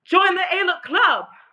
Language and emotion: English, disgusted